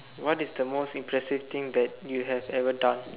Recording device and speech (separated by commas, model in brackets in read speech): telephone, conversation in separate rooms